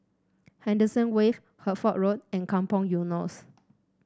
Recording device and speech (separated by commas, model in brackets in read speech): standing microphone (AKG C214), read sentence